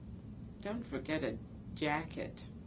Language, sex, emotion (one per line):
English
female
neutral